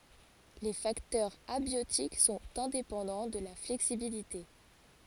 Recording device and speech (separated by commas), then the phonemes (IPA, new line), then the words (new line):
forehead accelerometer, read sentence
le faktœʁz abjotik sɔ̃t ɛ̃depɑ̃dɑ̃ də la flɛksibilite
Les facteurs abiotiques sont indépendants de la flexibilité.